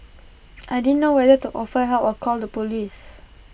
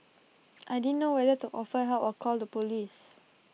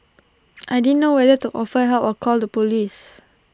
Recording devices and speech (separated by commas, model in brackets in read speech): boundary microphone (BM630), mobile phone (iPhone 6), standing microphone (AKG C214), read sentence